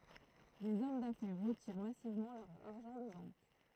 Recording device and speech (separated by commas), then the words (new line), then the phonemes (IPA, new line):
throat microphone, read sentence
Des hommes d'affaires retirent massivement leur argent des banques.
dez ɔm dafɛʁ ʁətiʁ masivmɑ̃ lœʁ aʁʒɑ̃ de bɑ̃k